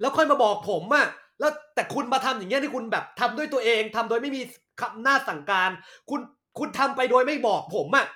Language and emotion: Thai, angry